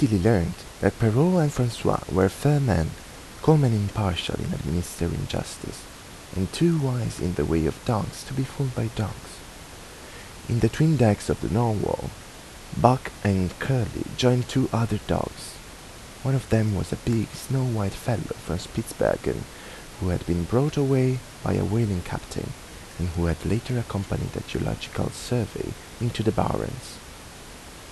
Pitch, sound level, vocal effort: 110 Hz, 78 dB SPL, soft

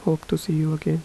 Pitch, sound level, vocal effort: 155 Hz, 76 dB SPL, soft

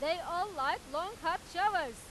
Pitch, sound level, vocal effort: 340 Hz, 105 dB SPL, very loud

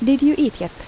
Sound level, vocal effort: 81 dB SPL, soft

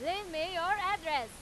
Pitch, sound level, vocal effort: 335 Hz, 104 dB SPL, very loud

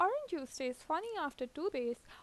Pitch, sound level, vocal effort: 285 Hz, 84 dB SPL, normal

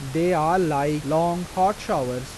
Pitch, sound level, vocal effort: 165 Hz, 89 dB SPL, normal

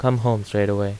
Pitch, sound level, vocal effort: 105 Hz, 83 dB SPL, normal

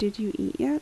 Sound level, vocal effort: 76 dB SPL, soft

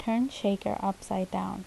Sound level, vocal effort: 75 dB SPL, soft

